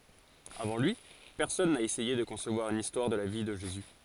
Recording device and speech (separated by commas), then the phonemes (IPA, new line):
forehead accelerometer, read sentence
avɑ̃ lyi pɛʁsɔn na esɛje də kɔ̃svwaʁ yn istwaʁ də la vi də ʒezy